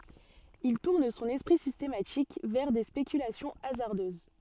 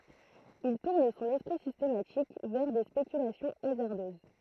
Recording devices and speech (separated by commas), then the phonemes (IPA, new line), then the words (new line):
soft in-ear microphone, throat microphone, read sentence
il tuʁn sɔ̃n ɛspʁi sistematik vɛʁ de spekylasjɔ̃ azaʁdøz
Il tourne son esprit systématique vers des spéculations hasardeuses.